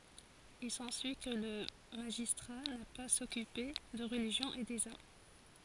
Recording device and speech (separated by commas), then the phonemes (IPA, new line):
forehead accelerometer, read sentence
il sɑ̃syi kə lə maʒistʁa na paz a sɔkype də ʁəliʒjɔ̃ e dez am